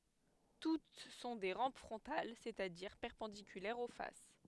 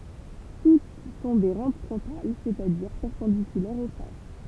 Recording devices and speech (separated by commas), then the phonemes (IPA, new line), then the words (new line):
headset microphone, temple vibration pickup, read sentence
tut sɔ̃ de ʁɑ̃p fʁɔ̃tal sɛt a diʁ pɛʁpɑ̃dikylɛʁz o fas
Toutes sont des rampes frontales, c'est-à-dire perpendiculaires aux faces.